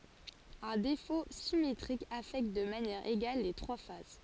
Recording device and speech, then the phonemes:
forehead accelerometer, read sentence
œ̃ defo simetʁik afɛkt də manjɛʁ eɡal le tʁwa faz

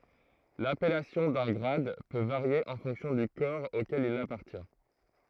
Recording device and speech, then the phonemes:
throat microphone, read sentence
lapɛlasjɔ̃ dœ̃ ɡʁad pø vaʁje ɑ̃ fɔ̃ksjɔ̃ dy kɔʁ okɛl il apaʁtjɛ̃

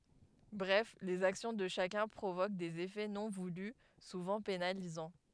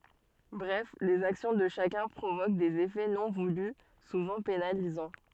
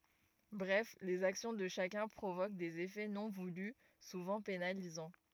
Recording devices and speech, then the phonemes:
headset microphone, soft in-ear microphone, rigid in-ear microphone, read sentence
bʁɛf lez aksjɔ̃ də ʃakœ̃ pʁovok dez efɛ nɔ̃ vuly suvɑ̃ penalizɑ̃

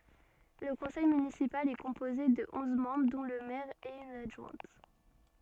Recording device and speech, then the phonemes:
soft in-ear microphone, read sentence
lə kɔ̃sɛj mynisipal ɛ kɔ̃poze də ɔ̃z mɑ̃bʁ dɔ̃ lə mɛʁ e yn adʒwɛ̃t

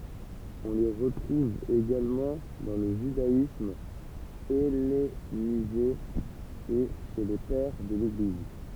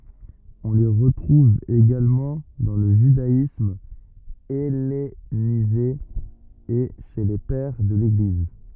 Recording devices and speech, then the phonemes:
temple vibration pickup, rigid in-ear microphone, read sentence
ɔ̃ le ʁətʁuv eɡalmɑ̃ dɑ̃ lə ʒydaism ɛlenize e ʃe le pɛʁ də leɡliz

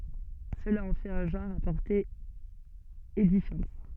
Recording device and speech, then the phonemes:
soft in-ear microphone, read sentence
səla ɑ̃ fɛt œ̃ ʒɑ̃ʁ a pɔʁte edifjɑ̃t

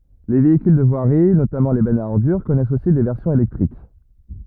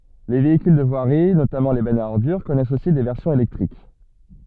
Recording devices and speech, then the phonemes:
rigid in-ear microphone, soft in-ear microphone, read sentence
le veikyl də vwaʁi notamɑ̃ le bɛnz a ɔʁdyʁ kɔnɛst osi de vɛʁsjɔ̃z elɛktʁik

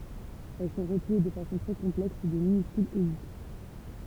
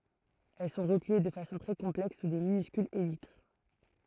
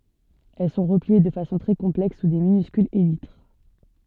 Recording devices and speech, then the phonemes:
temple vibration pickup, throat microphone, soft in-ear microphone, read sentence
ɛl sɔ̃ ʁəplie də fasɔ̃ tʁɛ kɔ̃plɛks su də minyskylz elitʁ

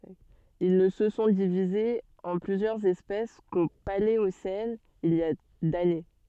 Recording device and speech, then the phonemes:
soft in-ear microphone, read sentence
il nə sə sɔ̃ divizez ɑ̃ plyzjœʁz ɛspɛs ko paleosɛn il i a dane

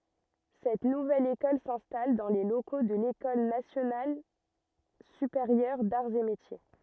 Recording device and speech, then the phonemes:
rigid in-ear microphone, read sentence
sɛt nuvɛl ekɔl sɛ̃stal dɑ̃ le loko də lekɔl nasjonal sypeʁjœʁ daʁz e metje

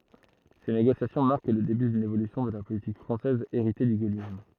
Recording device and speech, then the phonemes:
throat microphone, read sentence
se neɡosjasjɔ̃ maʁk lə deby dyn evolysjɔ̃ də la politik fʁɑ̃sɛz eʁite dy ɡolism

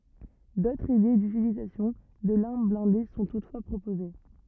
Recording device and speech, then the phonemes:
rigid in-ear microphone, read sentence
dotʁz ide dytilizasjɔ̃ də laʁm blɛ̃de sɔ̃ tutfwa pʁopoze

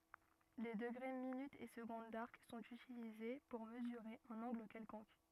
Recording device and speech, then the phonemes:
rigid in-ear microphone, read sentence
le dəɡʁe minytz e səɡɔ̃d daʁk sɔ̃t ytilize puʁ məzyʁe œ̃n ɑ̃ɡl kɛlkɔ̃k

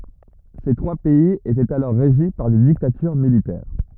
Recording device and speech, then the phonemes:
rigid in-ear microphone, read sentence
se tʁwa pɛiz etɛt alɔʁ ʁeʒi paʁ de diktatyʁ militɛʁ

